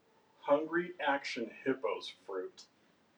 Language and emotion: English, disgusted